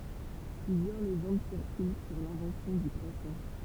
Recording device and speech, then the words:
temple vibration pickup, read sentence
Plusieurs légendes circulent sur l'invention du croissant.

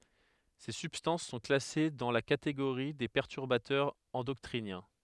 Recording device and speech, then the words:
headset microphone, read sentence
Ces substances sont classées dans la catégorie des perturbateurs endocriniens.

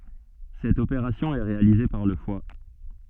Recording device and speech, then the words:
soft in-ear microphone, read sentence
Cette opération est réalisée par le foie.

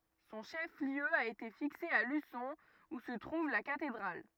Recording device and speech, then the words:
rigid in-ear microphone, read sentence
Son chef-lieu a été fixé à Luçon, où se trouve la cathédrale.

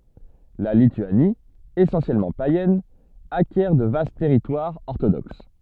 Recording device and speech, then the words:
soft in-ear microphone, read sentence
La Lituanie, essentiellement païenne, acquiert de vastes territoires orthodoxes.

